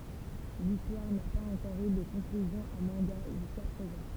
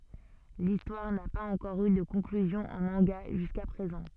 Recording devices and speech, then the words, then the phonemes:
temple vibration pickup, soft in-ear microphone, read sentence
L'histoire n'a pas encore eu de conclusion en manga jusqu'à présent.
listwaʁ na paz ɑ̃kɔʁ y də kɔ̃klyzjɔ̃ ɑ̃ mɑ̃ɡa ʒyska pʁezɑ̃

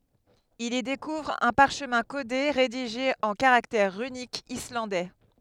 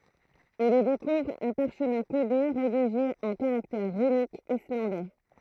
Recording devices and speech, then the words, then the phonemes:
headset microphone, throat microphone, read sentence
Il y découvre un parchemin codé, rédigé en caractères runiques islandais.
il i dekuvʁ œ̃ paʁʃmɛ̃ kode ʁediʒe ɑ̃ kaʁaktɛʁ ʁynikz islɑ̃dɛ

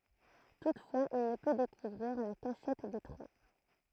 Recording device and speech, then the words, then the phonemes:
throat microphone, read sentence
Toutefois, il ne peut découvrir la cachette des Trois.
tutfwaz il nə pø dekuvʁiʁ la kaʃɛt de tʁwa

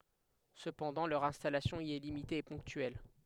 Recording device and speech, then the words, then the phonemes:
headset microphone, read sentence
Cependant, leur installation y est limitée et ponctuelle.
səpɑ̃dɑ̃ lœʁ ɛ̃stalasjɔ̃ i ɛ limite e pɔ̃ktyɛl

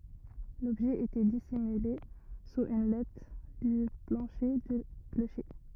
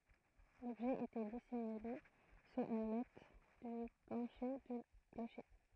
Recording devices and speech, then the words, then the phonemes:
rigid in-ear microphone, throat microphone, read sentence
L’objet était dissimulé sous une latte du plancher du clocher.
lɔbʒɛ etɛ disimyle suz yn lat dy plɑ̃ʃe dy kloʃe

